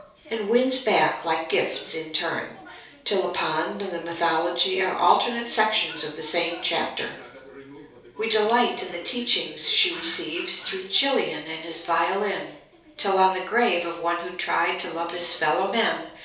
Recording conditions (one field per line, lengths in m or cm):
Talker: one person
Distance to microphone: 3.0 m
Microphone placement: far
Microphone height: 1.8 m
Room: small (3.7 m by 2.7 m)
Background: television